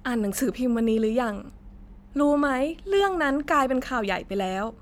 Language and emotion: Thai, neutral